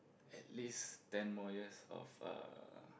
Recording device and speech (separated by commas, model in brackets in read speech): boundary microphone, conversation in the same room